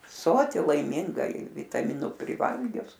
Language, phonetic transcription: Lithuanian, ˈsoti laiˈminga i vitaˈminu priˈvalgius

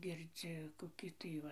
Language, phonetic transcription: Lithuanian, girˈdzi koˈkį tai ˈva

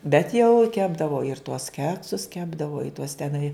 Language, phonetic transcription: Lithuanian, bet jau ˈkepdavo ir tuos ˈkeksus ˈkepdavo i tuos teˈnai

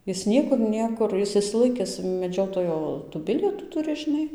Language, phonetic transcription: Lithuanian, ˈjis ˈniekur ˈniekur ˈjis išsiˈlaikis meˈdžiotojo tų ˈbilietų ˈturi žiˈnai

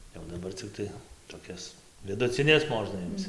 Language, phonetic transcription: Lithuanian, jau daˈbar ciˈktai toˈkias viduciˈnes ˈmožna ˈimc

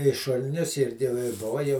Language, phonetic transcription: Lithuanian, i šul'ˈnius i jau ˈi ˈbova ˈjau

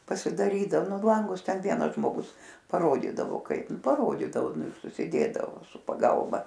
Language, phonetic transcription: Lithuanian, pasidaˈrydav ˈnu ˈlangus ˈten ˈvienas žmoˈgus paˈrodydavo ˈkaip paˈrodydao ˈnu ir susiˈdėdavo su paˈgalba

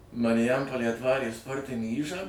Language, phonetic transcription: Lithuanian, mariˈjampolėj atˈvarė ˈsportinį ˈyžą

